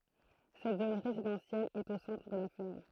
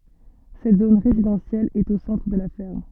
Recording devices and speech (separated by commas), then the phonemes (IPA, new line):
throat microphone, soft in-ear microphone, read sentence
sɛt zon ʁezidɑ̃sjɛl ɛt o sɑ̃tʁ də la fɛʁm